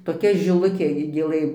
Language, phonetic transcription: Lithuanian, toˈkia žiˈlukė gi gėˈlɘ

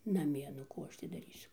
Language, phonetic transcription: Lithuanian, naˈmie nu ˈkų ˈaš ti daˈrysiu

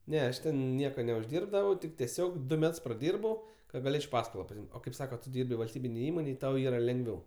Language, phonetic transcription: Lithuanian, ˈne ˈaš ten ˈnieko neužˈdyrbdavau tik teˈsiog ˈdu ˈmets praˈdyrbau ka gaˈlėč' ˈpaskolo pasiˈim't' o kaip ˈsaka tu ˈdyrbi valsˈtybinėj ˈįmonėj ˈtau ˈyra lengˈviau

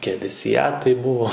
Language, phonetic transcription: Lithuanian, keˈli siˈjatai ˈbuvo

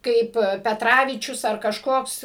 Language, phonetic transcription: Lithuanian, ˈkaip peˈtravyčius ar kažˈkoks

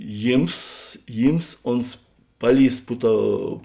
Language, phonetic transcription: Lithuanian, ˈjyms ˈjyms ˈons ˈpaˌlįs ˈpu ˌtou

